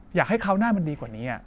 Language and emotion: Thai, frustrated